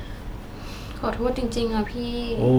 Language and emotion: Thai, sad